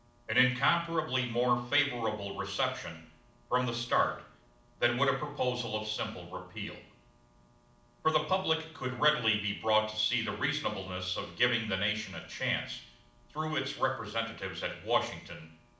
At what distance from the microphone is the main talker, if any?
2.0 m.